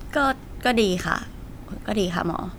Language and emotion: Thai, frustrated